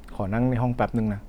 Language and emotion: Thai, sad